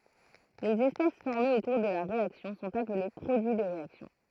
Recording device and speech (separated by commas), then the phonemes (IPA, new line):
throat microphone, read sentence
lez ɛspɛs fɔʁmez o kuʁ də la ʁeaksjɔ̃ sɔ̃t aple pʁodyi də ʁeaksjɔ̃